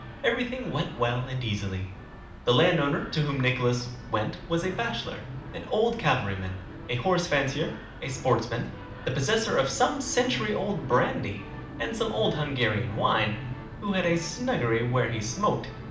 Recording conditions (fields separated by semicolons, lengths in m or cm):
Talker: one person; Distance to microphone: 2.0 m; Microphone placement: close; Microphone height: 99 cm; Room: medium-sized (5.7 m by 4.0 m); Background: television